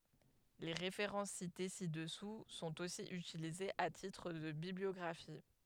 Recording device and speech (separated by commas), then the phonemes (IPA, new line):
headset microphone, read sentence
le ʁefeʁɑ̃s site si dəsu sɔ̃t osi ytilizez a titʁ də bibliɔɡʁafi